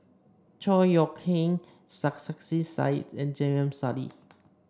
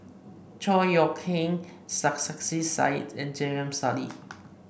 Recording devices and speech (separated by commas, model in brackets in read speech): standing microphone (AKG C214), boundary microphone (BM630), read sentence